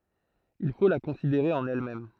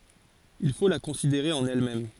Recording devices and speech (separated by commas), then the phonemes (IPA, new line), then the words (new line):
throat microphone, forehead accelerometer, read sentence
il fo la kɔ̃sideʁe ɑ̃n ɛlmɛm
Il faut la considérer en elle-même.